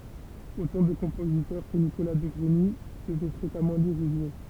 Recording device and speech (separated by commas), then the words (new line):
temple vibration pickup, read sentence
Autant de compositeurs que Nicolas de Grigny devait fréquemment lire ou jouer.